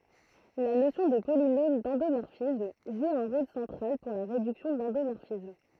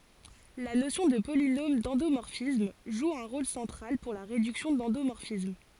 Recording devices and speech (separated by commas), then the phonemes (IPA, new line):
throat microphone, forehead accelerometer, read sentence
la nosjɔ̃ də polinom dɑ̃domɔʁfism ʒu œ̃ ʁol sɑ̃tʁal puʁ la ʁedyksjɔ̃ dɑ̃domɔʁfism